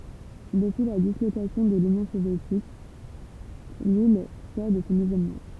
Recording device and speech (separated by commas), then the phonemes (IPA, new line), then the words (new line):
temple vibration pickup, read sentence
dəpyi la dislokasjɔ̃ də lynjɔ̃ sovjetik lil sɔʁ də sɔ̃ izolmɑ̃
Depuis la dislocation de l'Union soviétique, l'île sort de son isolement.